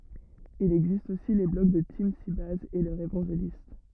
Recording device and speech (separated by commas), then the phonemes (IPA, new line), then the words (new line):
rigid in-ear microphone, read sentence
il ɛɡzist osi le blɔɡ də timsibɛjz e lœʁz evɑ̃ʒelist
Il existe aussi les blogs de TeamSybase et leurs évangélistes.